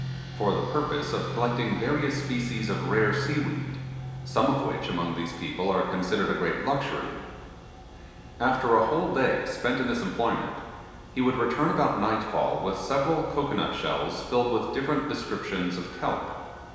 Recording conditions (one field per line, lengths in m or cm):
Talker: one person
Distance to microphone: 1.7 m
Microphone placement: close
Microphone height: 1.0 m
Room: very reverberant, large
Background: music